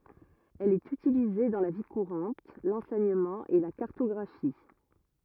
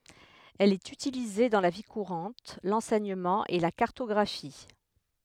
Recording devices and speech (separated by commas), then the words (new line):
rigid in-ear microphone, headset microphone, read sentence
Elle est utilisée dans la vie courante, l'enseignement et la cartographie.